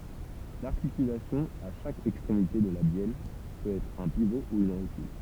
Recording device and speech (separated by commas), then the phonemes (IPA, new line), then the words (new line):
temple vibration pickup, read sentence
laʁtikylasjɔ̃ a ʃak ɛkstʁemite də la bjɛl pøt ɛtʁ œ̃ pivo u yn ʁotyl
L'articulation à chaque extrémité de la bielle peut être un pivot ou une rotule.